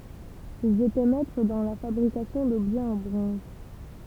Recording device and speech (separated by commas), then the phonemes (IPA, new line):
temple vibration pickup, read sentence
ilz etɛ mɛtʁ dɑ̃ la fabʁikasjɔ̃ dɔbʒɛz ɑ̃ bʁɔ̃z